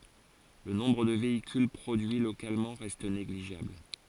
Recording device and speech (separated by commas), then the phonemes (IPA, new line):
forehead accelerometer, read sentence
lə nɔ̃bʁ də veikyl pʁodyi lokalmɑ̃ ʁɛst neɡliʒabl